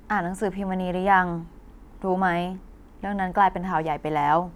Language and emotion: Thai, neutral